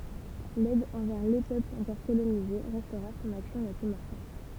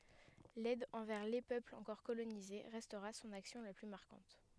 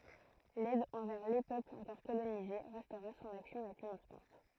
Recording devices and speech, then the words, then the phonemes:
temple vibration pickup, headset microphone, throat microphone, read sentence
L’aide envers les peuples encore colonisés restera son action la plus marquante.
lɛd ɑ̃vɛʁ le pøplz ɑ̃kɔʁ kolonize ʁɛstʁa sɔ̃n aksjɔ̃ la ply maʁkɑ̃t

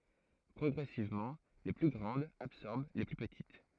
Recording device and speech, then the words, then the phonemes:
throat microphone, read sentence
Progressivement, les plus grandes absorbèrent les plus petites.
pʁɔɡʁɛsivmɑ̃ le ply ɡʁɑ̃dz absɔʁbɛʁ le ply pətit

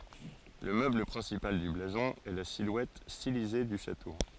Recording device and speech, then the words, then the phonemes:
forehead accelerometer, read sentence
Le meuble principal du blason est la silhouette stylisée du château.
lə møbl pʁɛ̃sipal dy blazɔ̃ ɛ la silwɛt stilize dy ʃato

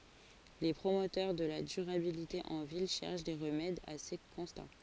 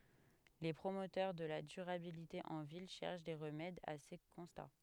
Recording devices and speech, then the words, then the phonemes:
forehead accelerometer, headset microphone, read sentence
Les promoteurs de la durabilité en ville cherchent des remèdes à ces constats.
le pʁomotœʁ də la dyʁabilite ɑ̃ vil ʃɛʁʃ de ʁəmɛdz a se kɔ̃sta

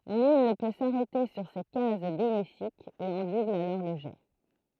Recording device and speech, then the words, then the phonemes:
throat microphone, read sentence
Nul ne peut s'arrêter sur ces cases bénéfiques et on double alors le jet.
nyl nə pø saʁɛte syʁ se kaz benefikz e ɔ̃ dubl alɔʁ lə ʒɛ

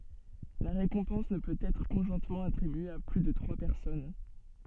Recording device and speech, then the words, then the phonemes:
soft in-ear microphone, read sentence
La récompense ne peut être conjointement attribuée à plus de trois personnes.
la ʁekɔ̃pɑ̃s nə pøt ɛtʁ kɔ̃ʒwɛ̃tmɑ̃ atʁibye a ply də tʁwa pɛʁsɔn

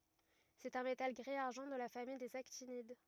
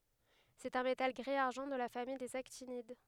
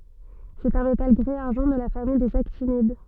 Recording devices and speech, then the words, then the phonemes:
rigid in-ear microphone, headset microphone, soft in-ear microphone, read sentence
C'est un métal gris-argent de la famille des actinides.
sɛt œ̃ metal ɡʁi aʁʒɑ̃ də la famij dez aktinid

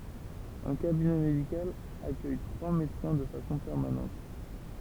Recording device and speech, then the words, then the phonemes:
temple vibration pickup, read sentence
Un cabinet médical accueille trois médecins de façon permanente.
œ̃ kabinɛ medikal akœj tʁwa medəsɛ̃ də fasɔ̃ pɛʁmanɑ̃t

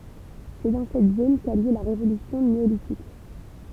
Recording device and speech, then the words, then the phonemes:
temple vibration pickup, read sentence
C'est dans cette zone qu'a eu lieu la révolution néolithique.
sɛ dɑ̃ sɛt zon ka y ljø la ʁevolysjɔ̃ neolitik

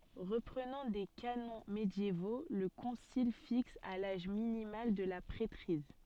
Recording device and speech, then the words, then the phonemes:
soft in-ear microphone, read sentence
Reprenant des canons médiévaux, le concile fixe à l'âge minimal de la prêtrise.
ʁəpʁənɑ̃ de kanɔ̃ medjevo lə kɔ̃sil fiks a laʒ minimal də la pʁɛtʁiz

